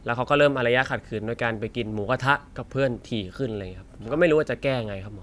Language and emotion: Thai, frustrated